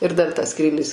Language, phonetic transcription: Lithuanian, ir dar tas ˈskrylis

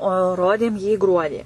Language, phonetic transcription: Lithuanian, o ˈrodėm jį ˈgruodį

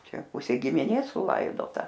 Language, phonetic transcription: Lithuanian, ˈčia ˈpusė gimiˈnės suˈlaidota

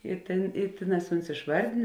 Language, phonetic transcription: Lithuanian, i ˈtėn i ˈtėˌnās ˈuns išˈvardėn

